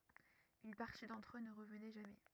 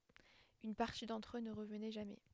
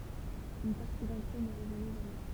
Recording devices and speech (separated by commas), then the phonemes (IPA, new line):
rigid in-ear microphone, headset microphone, temple vibration pickup, read sentence
yn paʁti dɑ̃tʁ ø nə ʁəvnɛ ʒamɛ